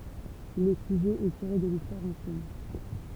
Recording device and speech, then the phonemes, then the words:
temple vibration pickup, read sentence
lə syʒɛ ɛ tiʁe də listwaʁ ɑ̃sjɛn
Le sujet est tiré de l'histoire ancienne.

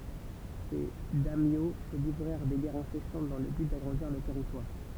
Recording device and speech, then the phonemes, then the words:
temple vibration pickup, read sentence
se dɛmjo sə livʁɛʁ de ɡɛʁz ɛ̃sɛsɑ̃t dɑ̃ lə byt daɡʁɑ̃diʁ lœʁ tɛʁitwaʁ
Ces daimyo se livrèrent des guerres incessantes dans le but d'agrandir leurs territoires.

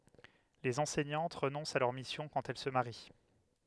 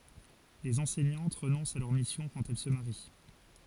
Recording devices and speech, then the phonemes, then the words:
headset microphone, forehead accelerometer, read sentence
lez ɑ̃sɛɲɑ̃t ʁənɔ̃st a lœʁ misjɔ̃ kɑ̃t ɛl sə maʁi
Les enseignantes renoncent à leur mission quand elles se marient.

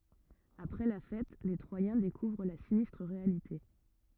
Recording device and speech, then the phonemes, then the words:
rigid in-ear microphone, read sentence
apʁɛ la fɛt le tʁwajɛ̃ dekuvʁ la sinistʁ ʁealite
Après la fête, les Troyens découvrent la sinistre réalité.

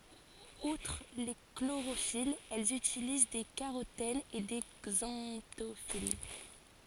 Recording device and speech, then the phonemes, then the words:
forehead accelerometer, read sentence
utʁ le kloʁofilz ɛlz ytiliz de kaʁotɛnz e de ɡzɑ̃tofil
Outre les chlorophylles, elles utilisent des carotènes et des xanthophylles.

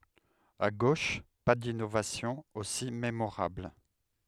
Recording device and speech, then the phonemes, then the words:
headset microphone, read sentence
a ɡoʃ pa dinovasjɔ̃z osi memoʁabl
À gauche, pas d’innovations aussi mémorables.

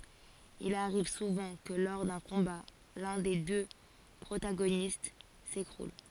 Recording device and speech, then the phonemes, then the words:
forehead accelerometer, read sentence
il aʁiv suvɑ̃ kə lɔʁ dœ̃ kɔ̃ba lœ̃ de dø pʁotaɡonist sekʁul
Il arrive souvent que lors d'un combat, l'un des deux protagonistes s'écroule.

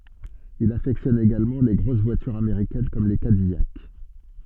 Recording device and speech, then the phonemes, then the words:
soft in-ear microphone, read sentence
il afɛktjɔn eɡalmɑ̃ le ɡʁos vwatyʁz ameʁikɛn kɔm le kadijak
Il affectionne également les grosses voitures américaines comme les Cadillac.

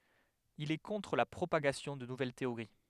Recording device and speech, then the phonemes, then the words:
headset microphone, read sentence
il ɛ kɔ̃tʁ la pʁopaɡasjɔ̃ də nuvɛl teoʁi
Il est contre la propagation de nouvelles théories.

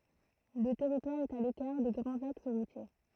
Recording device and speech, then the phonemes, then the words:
throat microphone, read sentence
lə tɛʁitwaʁ ɛt a lekaʁ de ɡʁɑ̃z aks ʁutje
Le territoire est à l'écart des grands axes routiers.

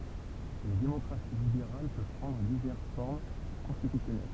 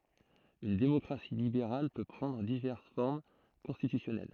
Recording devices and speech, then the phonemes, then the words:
temple vibration pickup, throat microphone, read sentence
yn demɔkʁasi libeʁal pø pʁɑ̃dʁ divɛʁs fɔʁm kɔ̃stitysjɔnɛl
Une démocratie libérale peut prendre diverses formes constitutionnelles.

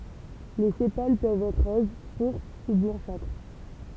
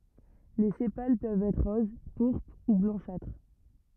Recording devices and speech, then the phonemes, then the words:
temple vibration pickup, rigid in-ear microphone, read sentence
le sepal pøvt ɛtʁ ʁoz puʁpʁ u blɑ̃ʃatʁ
Les sépales peuvent être roses, pourpres ou blanchâtres.

